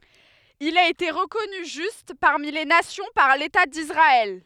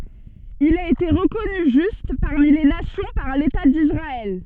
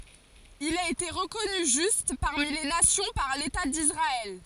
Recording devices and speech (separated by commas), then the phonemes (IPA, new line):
headset microphone, soft in-ear microphone, forehead accelerometer, read sentence
il a ete ʁəkɔny ʒyst paʁmi le nasjɔ̃ paʁ leta disʁaɛl